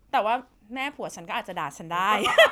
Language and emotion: Thai, happy